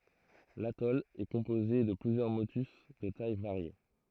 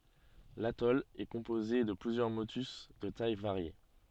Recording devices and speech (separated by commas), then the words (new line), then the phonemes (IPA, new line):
throat microphone, soft in-ear microphone, read sentence
L’atoll est composé de plusieurs motus de tailles variées.
latɔl ɛ kɔ̃poze də plyzjœʁ motys də taj vaʁje